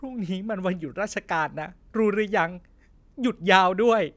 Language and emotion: Thai, sad